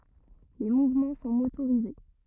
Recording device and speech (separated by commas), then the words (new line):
rigid in-ear microphone, read sentence
Les mouvements sont motorisés.